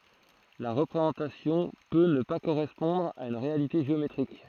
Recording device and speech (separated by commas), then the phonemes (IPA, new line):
throat microphone, read sentence
la ʁəpʁezɑ̃tasjɔ̃ pø nə pa koʁɛspɔ̃dʁ a yn ʁealite ʒeometʁik